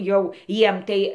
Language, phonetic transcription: Lithuanian, ˈjau ˈjiem tai

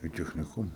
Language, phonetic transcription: Lithuanian, i techniˈkuma

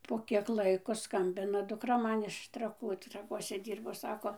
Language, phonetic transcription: Lithuanian, ˌpo kiek ˈlaiko ˈskambina dukˈra ˈman iš traˈkų traˈkuose ˈdyrbo ˈsako

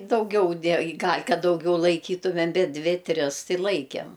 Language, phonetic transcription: Lithuanian, dauˈgiau ˈdė gal' ˈkad dauˈgiau laiˈkytumem ˈbet ˈdvi ˈtris ˈtai laikem

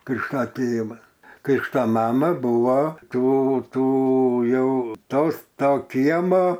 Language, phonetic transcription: Lithuanian, ˈkrikšta ˈtėvas ˈkrikšta ˈmama ˈbuvo ˈtų ˈtų ˈjau ˈtos ˈto ˈkiemo

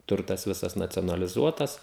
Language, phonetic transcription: Lithuanian, ˈturtas ˈvisas nacionaliˈzuotas

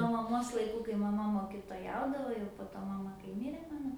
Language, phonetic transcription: Lithuanian, nuo maˈmos laiˈkų kai maˈma mokitoˈjaudavo jau po ˈto maˈma kai ˈmirė ˈmano

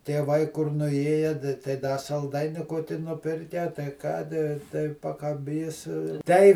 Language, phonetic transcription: Lithuanian, tieˈvai kur nuˈėje tai ˈda salˈdaini ˈkoki nuˈpirke tai ˈkadi tai pakaˈbys tei

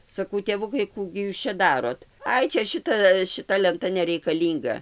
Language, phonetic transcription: Lithuanian, saˈkau tėˈvukai ˈkų gi ˈjūs čia ˈdarot ˈai ˈčia ˈšita šiˈta lenˈta nereikaˈlynga

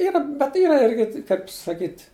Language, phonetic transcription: Lithuanian, ˈyra bet ˈyra ˈirgi kaip saˈkyt'

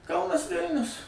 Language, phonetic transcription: Lithuanian, ˈkaunas ˈvilnius

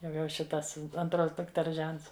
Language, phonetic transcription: Lithuanian, jau jau ˈšitas anˈtros dukˈters ˈžents

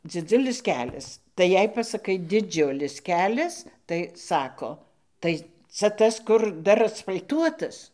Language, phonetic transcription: Lithuanian, dziˈdzulis ˈkelias tai ˈjei pasaˈkai diˈdžiulis ˈkelias tai ˈsako ˈtai ˈca ˈtas kur ˈdar asfal'ˈtuotas

